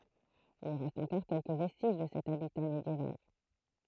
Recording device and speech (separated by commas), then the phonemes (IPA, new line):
throat microphone, read sentence
il ʁɛst ɑ̃kɔʁ kɛlkə vɛstiʒ də sɛt abita medjeval